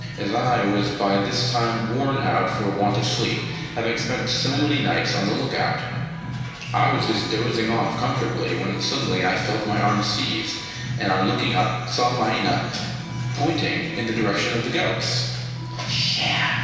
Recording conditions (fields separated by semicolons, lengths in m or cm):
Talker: one person; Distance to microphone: 1.7 m; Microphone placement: close; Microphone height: 1.0 m; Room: very reverberant, large; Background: music